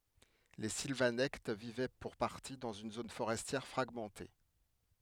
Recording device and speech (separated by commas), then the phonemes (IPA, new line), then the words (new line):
headset microphone, read sentence
le silvanɛkt vivɛ puʁ paʁti dɑ̃z yn zon foʁɛstjɛʁ fʁaɡmɑ̃te
Les Silvanectes vivaient pour partie dans une zone forestière fragmentée.